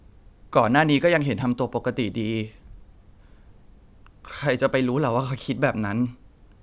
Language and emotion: Thai, sad